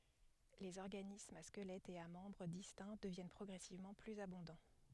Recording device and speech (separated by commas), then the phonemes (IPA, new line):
headset microphone, read sentence
lez ɔʁɡanismz a skəlɛtz e a mɑ̃bʁ distɛ̃ dəvjɛn pʁɔɡʁɛsivmɑ̃ plyz abɔ̃dɑ̃